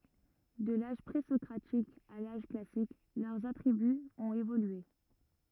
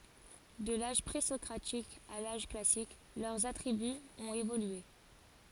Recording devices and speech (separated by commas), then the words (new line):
rigid in-ear microphone, forehead accelerometer, read sentence
De l'âge pré-socratique à l'âge classique, leurs attributs ont évolué.